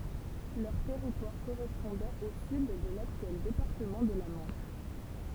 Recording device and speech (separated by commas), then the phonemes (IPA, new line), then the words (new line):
temple vibration pickup, read sentence
lœʁ tɛʁitwaʁ koʁɛspɔ̃dɛt o syd də laktyɛl depaʁtəmɑ̃ də la mɑ̃ʃ
Leur territoire correspondait au sud de l'actuel département de la Manche.